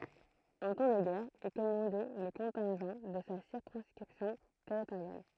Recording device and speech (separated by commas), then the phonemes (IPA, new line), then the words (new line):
throat microphone, read sentence
ɑ̃ tɑ̃ də ɡɛʁ il kɔmɑ̃dɛ lə kɔ̃tɛ̃ʒɑ̃ də sa siʁkɔ̃skʁipsjɔ̃ tɛʁitoʁjal
En temps de guerre, il commandait le contingent de sa circonscription territoriale.